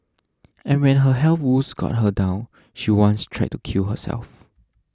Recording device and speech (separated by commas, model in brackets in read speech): standing microphone (AKG C214), read sentence